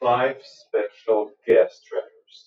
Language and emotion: English, neutral